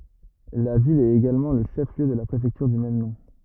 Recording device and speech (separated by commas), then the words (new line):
rigid in-ear microphone, read sentence
La ville est également le chef-lieu de la préfecture du même nom.